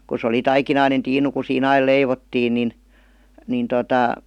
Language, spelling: Finnish, kun se oli taikinainen tiinu kun siinä aina leivottiin niin niin tuota
- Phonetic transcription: ku s ‿oli 'taikinainen 'tiinu ku sii"n ‿ail "leivottiin nin , nin totà ,.

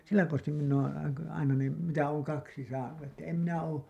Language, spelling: Finnish, sillä konstilla minä olen aina ne mitä olen kaksi saanut että en minä ole
- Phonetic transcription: 'sillä konstim minn ‿oon̬ , aina ne , mitä ooŋ 'kaksi saanu , että em minä oo ,.

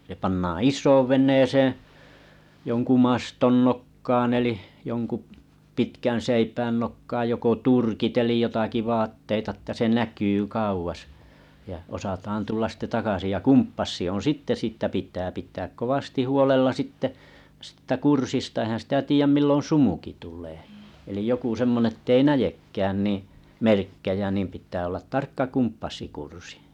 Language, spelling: Finnish, se pannaan isoon veneeseen jonkun maston nokkaan eli jonkun pitkän seipään nokkaan joko turkit eli jotakin vaatteita jotta se näkyi kauas ja osataan tulla sitten takaisin ja kompassi on sitten siitä pitää pitää kovasti huolella sitten siitä kurssista eihän sitä tiedä milloin sumukin tulee eli joku semmoinen että ei näekään niin merkkejä niin pitää olla tarkka kompassikurssi
- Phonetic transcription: se pannaa̰ "is̆soov 'ven̆neeseeḛ , joŋku 'maston nokkaan elih , joŋku’ 'pitkän̬ 'seipään nokkaaj joko "turkit elij 'jotaki 'vaatteita ‿tta se 'näky kauʷas , ja osataan 'tullas sⁱte takasij ja "kumppassi on "sìtte 'sittä pit̀ää pit̀ääk kovasti huolella sitte , sɪttä 'kursista eĭhän sitä 'tiijäm 'millon "sumuki tul̀ee elij joku 'semmone ettei "näjekkään niiḭ 'merkkejä nìm pⁱt̀ää ollat 'tarkka 'kumppassikursɪ .

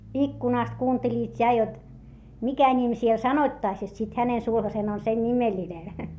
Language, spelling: Finnish, ikkunasta kuuntelivat ja jotta mikä nimi siellä sanottaisiin jotta sitten hänen sulhasensa on sen nimellinen
- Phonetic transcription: ikkunàst kuunteĺiit ja jot , mikä ńim siel sanoⁱttaⁱs jot sit hänen sulhasen ‿on sen ńimeĺinen .

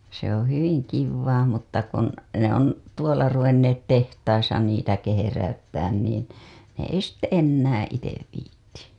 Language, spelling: Finnish, se on hyvin kivaa mutta kun ne on tuolla ruvenneet tehtaissa niitä kehräyttämään niin ne ei sitten enää itse viitsi
- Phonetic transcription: se ‿oo̰ 'hyviŋ 'kivvaa mutta kun , ne ‿on , 'tuola ruvenneet 'tehtaisa niitä 'keheräyttään niin , ne ei sitte 'ennäää̰ 'itev viitti .

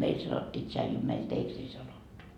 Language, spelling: Finnish, meillä sanottiin tsaiju meillä teeksi ei sanottu
- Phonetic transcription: 'meil sanottii 'tšaiju , meil 'teeks ‿ei 'sanottu .

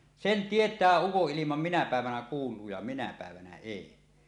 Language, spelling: Finnish, sen tietää ukonilman minä päivänä kuuluu ja minä päivänä ei
- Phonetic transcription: sen 'tiet̀ää 'ukoˀˀilimam minä pä̀evänä "kuul̀uu ja minä pä̀evänä "èi .

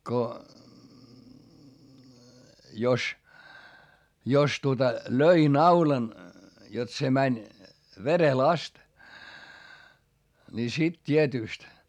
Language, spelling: Finnish, kun jos jos tuota löi naulan jotta se meni verelle asti niin sitten tietysti
- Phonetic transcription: ko , jos , jos tuota , löi naulan , jot se mäń , verel ‿ast , ni sit t́ietỳst .

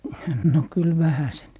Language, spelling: Finnish, no kyllä vähäsen
- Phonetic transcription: no , 'kyl "vähäsen .

